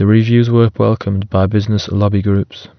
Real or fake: real